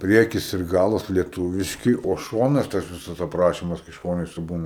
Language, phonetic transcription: Lithuanian, ˈpriekis ir ˈgalas lieˈtūviški o ˈšonas tas ˈvisas apˈrašimas kai ˈšonuose ˈbūna

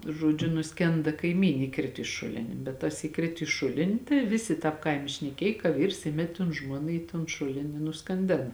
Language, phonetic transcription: Lithuanian, žoˈdžiu nusˈkenda kaiˈmyn' iˈkrit i ˈšulini bet tas įˈkrit į ˈšulini tai ˈvisi ˈtāp ˈkaime šneˈkėj ka ˈvyrs ˈimet' ton ˈžmuona į ton ˈšulin i nuskanˈdėna

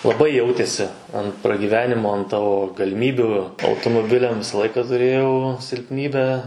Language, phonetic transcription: Lithuanian, laˈbai ˈjautėsi an pragyˈvenimo an ˈtavo galiˈmybių automoˈbiliam ˈvisa ˈlaika tuˈrėjau silpˈnybę

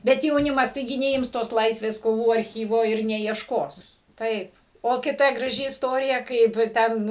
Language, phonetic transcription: Lithuanian, ˈbet jauˈnimas taiˈgi neˈims tos ˈlaisvės koˈvų arˈchyvo ir neiešˈkos ˈtaip o kiˈta graˈži isˈtorija ˈkaip ˈten

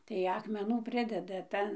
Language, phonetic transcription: Lithuanian, tai ˌakmeˈnų ˈprideda ˈtan

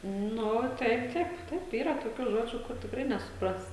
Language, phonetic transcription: Lithuanian, ˈnu ˈtaip ˈtaip ˈtaip ˈyra toˈkių ˈžodžių kur tikˈrai nesuˈpras

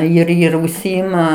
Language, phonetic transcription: Lithuanian, ir ir užˈsyima

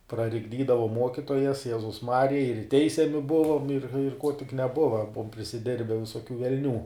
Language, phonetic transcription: Lithuanian, prarikˈdydavom ˈmuokytojas ˈjezus ˈmarija ir ˈteisiami ˈbuvom ir ir ko tik neˈbuva ˈbuvom prisiˈdirbe visoˈkių velˈnių

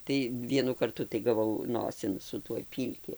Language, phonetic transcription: Lithuanian, tai ˈvienu karˈtu tai gaˈvau ˈnosin su ˈtuoj ˈpylki

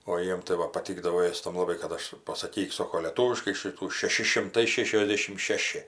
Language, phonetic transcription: Lithuanian, o ˈjiem tai ˈva paˈtykdavo ˈėstam laˈbai kad ˈaš pasaˈkyk ˈsoko lėˈtūviškai ˈšytų šeˈši šimˈtai ˈšešiosˌdėšim ˈšeši

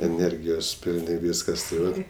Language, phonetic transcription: Lithuanian, eˈnergijos ˈpilni ˈvyskas tai ˈvat

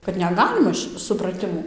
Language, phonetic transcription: Lithuanian, kad neˈgalima ši supraˈtimų

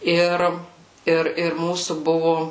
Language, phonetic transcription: Lithuanian, ˈir ˈir ir ˈmūsų ˈbuvu

